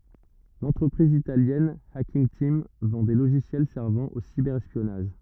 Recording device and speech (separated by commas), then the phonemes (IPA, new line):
rigid in-ear microphone, read sentence
lɑ̃tʁəpʁiz italjɛn akinɡ tim vɑ̃ de loʒisjɛl sɛʁvɑ̃ o sibɛʁ ɛspjɔnaʒ